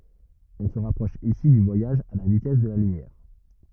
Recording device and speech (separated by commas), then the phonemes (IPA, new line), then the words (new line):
rigid in-ear microphone, read sentence
ɔ̃ sə ʁapʁɔʃ isi dy vwajaʒ a la vitɛs də la lymjɛʁ
On se rapproche ici du voyage à la vitesse de la lumière.